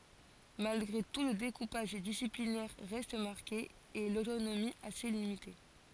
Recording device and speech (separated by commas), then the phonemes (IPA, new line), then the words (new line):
forehead accelerometer, read sentence
malɡʁe tu lə dekupaʒ disiplinɛʁ ʁɛst maʁke e lotonomi ase limite
Malgré tout le découpage disciplinaire reste marqué et l’autonomie assez limitée.